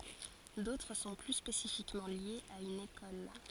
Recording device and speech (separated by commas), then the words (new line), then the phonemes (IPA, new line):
forehead accelerometer, read sentence
D'autres sont plus spécifiquement liés à une école.
dotʁ sɔ̃ ply spesifikmɑ̃ ljez a yn ekɔl